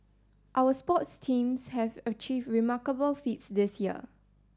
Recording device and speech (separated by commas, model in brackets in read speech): standing microphone (AKG C214), read sentence